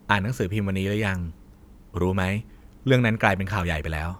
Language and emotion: Thai, neutral